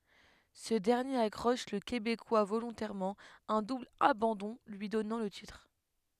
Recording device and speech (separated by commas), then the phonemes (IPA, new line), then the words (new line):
headset microphone, read sentence
sə dɛʁnjeʁ akʁɔʃ lə kebekwa volɔ̃tɛʁmɑ̃ œ̃ dubl abɑ̃dɔ̃ lyi dɔnɑ̃ lə titʁ
Ce dernier accroche le Québécois volontairement, un double abandon lui donnant le titre.